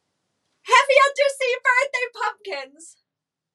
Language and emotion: English, happy